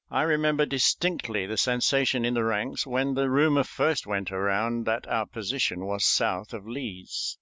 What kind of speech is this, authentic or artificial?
authentic